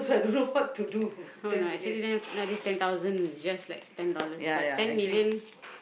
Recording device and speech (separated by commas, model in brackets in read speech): boundary microphone, conversation in the same room